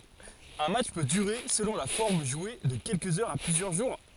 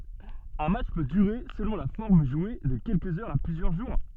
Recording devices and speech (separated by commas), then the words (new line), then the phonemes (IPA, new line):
forehead accelerometer, soft in-ear microphone, read sentence
Un match peut durer, selon la forme jouée, de quelques heures à plusieurs jours.
œ̃ matʃ pø dyʁe səlɔ̃ la fɔʁm ʒwe də kɛlkəz œʁz a plyzjœʁ ʒuʁ